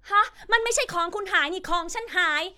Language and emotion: Thai, angry